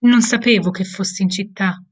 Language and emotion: Italian, sad